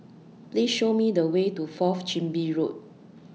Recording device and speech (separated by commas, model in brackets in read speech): mobile phone (iPhone 6), read sentence